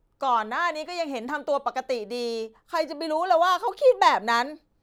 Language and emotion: Thai, frustrated